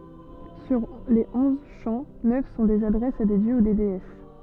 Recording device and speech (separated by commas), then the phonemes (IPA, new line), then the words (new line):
soft in-ear microphone, read sentence
syʁ le ɔ̃z ʃɑ̃ nœf sɔ̃ dez adʁɛsz a de djø u deɛs
Sur les onze chants, neuf sont des adresses à des dieux ou déesses.